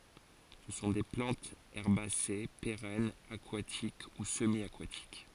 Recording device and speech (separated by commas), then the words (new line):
forehead accelerometer, read sentence
Ce sont des plantes herbacées, pérennes, aquatiques ou semi-aquatiques.